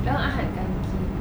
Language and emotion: Thai, neutral